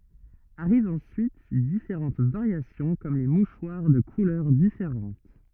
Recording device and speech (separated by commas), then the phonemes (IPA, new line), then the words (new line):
rigid in-ear microphone, read sentence
aʁivt ɑ̃syit difeʁɑ̃t vaʁjasjɔ̃ kɔm le muʃwaʁ də kulœʁ difeʁɑ̃t
Arrivent ensuite différentes variations comme les mouchoirs de couleurs différentes.